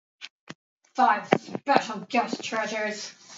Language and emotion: English, angry